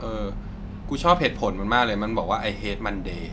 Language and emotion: Thai, neutral